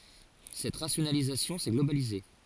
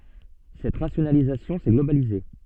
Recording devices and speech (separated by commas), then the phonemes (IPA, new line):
forehead accelerometer, soft in-ear microphone, read sentence
sɛt ʁasjonalizasjɔ̃ sɛ ɡlobalize